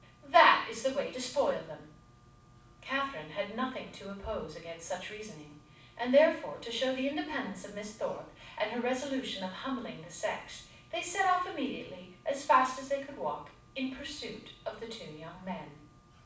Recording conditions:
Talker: one person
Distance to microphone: 5.8 m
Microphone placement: far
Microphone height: 1.8 m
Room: medium-sized (5.7 m by 4.0 m)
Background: none

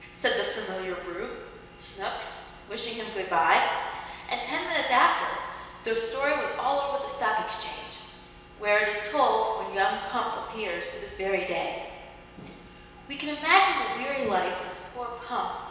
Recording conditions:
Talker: one person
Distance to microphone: 1.7 m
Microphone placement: close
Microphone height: 1.0 m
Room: very reverberant, large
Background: none

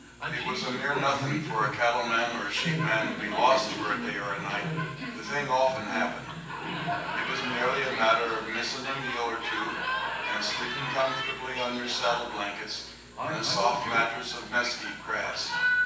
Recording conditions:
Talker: one person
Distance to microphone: 9.8 m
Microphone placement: far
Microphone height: 1.8 m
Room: large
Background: television

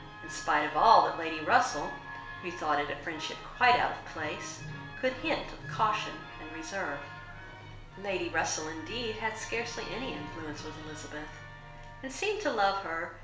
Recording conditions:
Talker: one person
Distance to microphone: 1.0 m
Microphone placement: close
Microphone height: 1.1 m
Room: small (3.7 m by 2.7 m)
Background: television

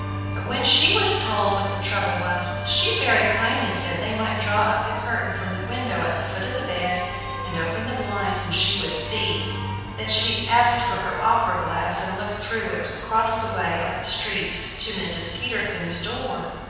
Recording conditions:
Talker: one person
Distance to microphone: 7.1 m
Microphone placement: far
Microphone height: 1.7 m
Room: very reverberant, large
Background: music

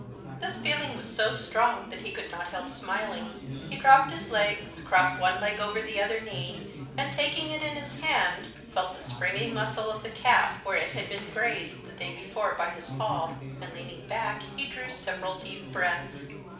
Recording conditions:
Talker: one person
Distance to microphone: 5.8 m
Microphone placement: far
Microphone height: 1.8 m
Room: medium-sized (5.7 m by 4.0 m)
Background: babble

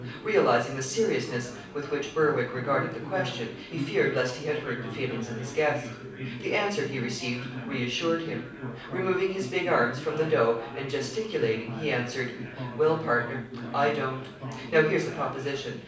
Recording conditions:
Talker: one person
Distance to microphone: 5.8 m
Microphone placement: far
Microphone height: 1.8 m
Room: medium-sized (5.7 m by 4.0 m)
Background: babble

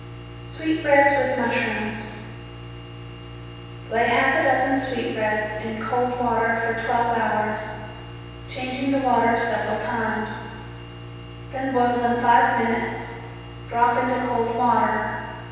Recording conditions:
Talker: one person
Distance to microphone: 7.1 m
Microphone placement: far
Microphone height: 1.7 m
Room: very reverberant, large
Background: none

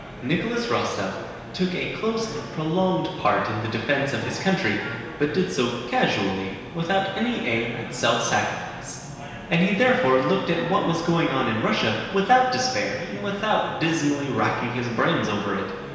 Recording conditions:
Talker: one person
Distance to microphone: 1.7 m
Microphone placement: close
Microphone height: 1.0 m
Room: very reverberant, large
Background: babble

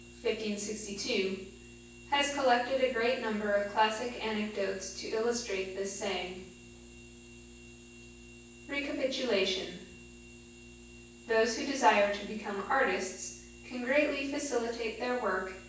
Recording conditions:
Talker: one person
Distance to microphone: 9.8 m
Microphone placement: far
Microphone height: 1.8 m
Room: large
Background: none

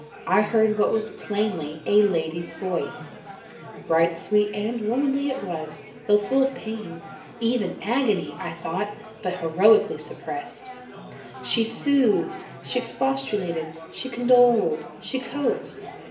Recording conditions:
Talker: one person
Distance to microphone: 1.8 m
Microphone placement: close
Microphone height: 1.0 m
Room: large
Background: babble

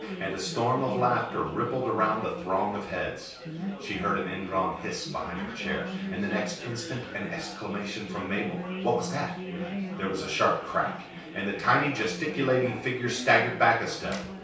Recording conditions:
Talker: one person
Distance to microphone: 3.0 m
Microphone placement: far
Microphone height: 1.8 m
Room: small (3.7 m by 2.7 m)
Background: babble

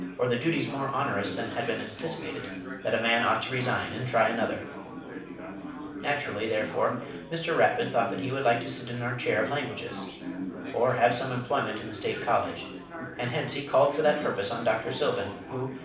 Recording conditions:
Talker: one person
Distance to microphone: 5.8 m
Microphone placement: far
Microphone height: 1.8 m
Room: medium-sized (5.7 m by 4.0 m)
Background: babble

